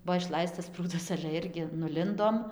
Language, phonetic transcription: Lithuanian, ˈbuo išˈlaistas ˈprūdas ale ˈirgi nuˈlindom

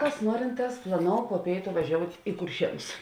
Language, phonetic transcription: Lithuanian, kas ˈnuorinˌtās plaˈnou po ˈpėitu vaˈžiout' i kurˈšienus

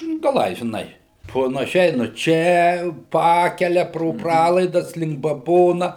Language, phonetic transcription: Lithuanian, gaˈlai žiˈnai panaˈšiai nu ˈčia ˈpakele pro ˈpralaidas link baˈbona

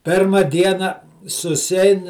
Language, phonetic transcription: Lithuanian, ˈpirma ˈdiena susiˈain

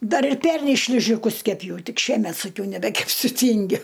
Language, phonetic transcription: Lithuanian, ˈdar ir ˈpernei ˈšližiˈkus keˈpjau ˈtik ˈšiemet saˈkiau nebekepˈsiu ˈtingiu

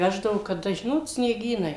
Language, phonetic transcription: Lithuanian, ˈveždavu kaˈda ˈžinot snieˈgynai

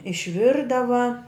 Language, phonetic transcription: Lithuanian, išˈvirdava

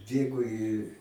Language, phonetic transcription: Lithuanian, ˈbėgo i

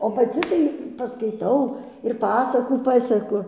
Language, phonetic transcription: Lithuanian, o paˈci tai paskaiˈtau ir ˈpasakų ˈpaseku

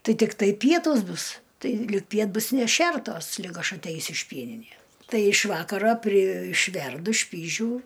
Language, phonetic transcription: Lithuanian, ˈtai tikˈtai ˈpietūs ˈbus ˈtai ˈlig ˈpiet ˈbus neˈšertos ˈlig ˈaš atˈeisiu iš ˈpieninės ˈtai iš ˈvakaro pri išˈverdu ˈšpyžių

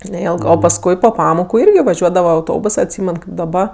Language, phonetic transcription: Lithuanian, neˈilgɜ o pasˈkui po ˈpamoku ˈirgi vaˈžiuodava auˈtobus atˈsymen kaip daˈba

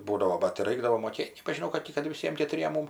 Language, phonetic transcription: Lithuanian, ˈbūdavo bat ti ˈraikdavo moˈkėt' nebažiˈnau kad ˈti kad viˈsiem ketuˈriem ˈmum

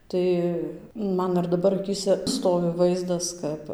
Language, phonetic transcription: Lithuanian, ˈtai ˈman ir daˈbar aˈkyse ˈstovi ˈvaizdas ˈkap

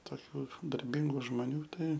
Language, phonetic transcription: Lithuanian, toˈkių darˈbingų žmoˈnių ˈtai

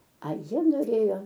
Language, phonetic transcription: Lithuanian, a ˈjie noˈrėjo

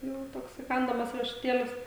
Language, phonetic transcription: Lithuanian, ˈjau ˈtoks įˈkandamas riešuˈtėlis

